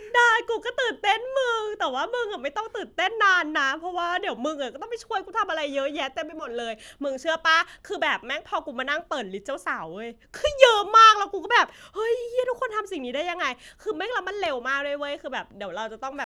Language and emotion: Thai, happy